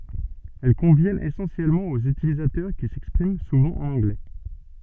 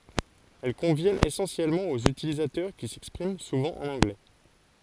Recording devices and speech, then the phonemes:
soft in-ear microphone, forehead accelerometer, read sentence
ɛl kɔ̃vjɛnt esɑ̃sjɛlmɑ̃ oz ytilizatœʁ ki sɛkspʁim suvɑ̃ ɑ̃n ɑ̃ɡlɛ

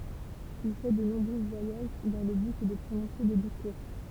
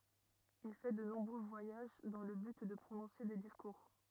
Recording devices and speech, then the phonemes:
temple vibration pickup, rigid in-ear microphone, read sentence
il fɛ də nɔ̃bʁø vwajaʒ dɑ̃ lə byt də pʁonɔ̃se de diskuʁ

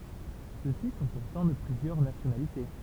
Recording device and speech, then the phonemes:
temple vibration pickup, read sentence
søksi sɔ̃ puʁtɑ̃ də plyzjœʁ nasjonalite

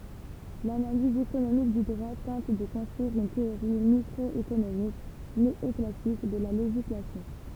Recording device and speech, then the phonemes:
temple vibration pickup, read sentence
lanaliz ekonomik dy dʁwa tɑ̃t də kɔ̃stʁyiʁ yn teoʁi mikʁɔekonomik neɔklasik də la leʒislasjɔ̃

